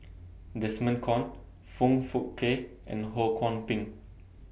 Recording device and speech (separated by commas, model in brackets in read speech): boundary microphone (BM630), read sentence